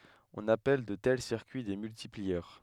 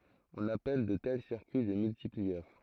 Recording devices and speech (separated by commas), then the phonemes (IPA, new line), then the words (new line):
headset microphone, throat microphone, read sentence
ɔ̃n apɛl də tɛl siʁkyi de myltipliœʁ
On appelle de tels circuits des multiplieurs.